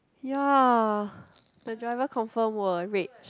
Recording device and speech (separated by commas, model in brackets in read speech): close-talking microphone, conversation in the same room